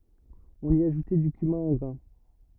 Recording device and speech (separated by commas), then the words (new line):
rigid in-ear microphone, read sentence
On y ajoutait du cumin en grains.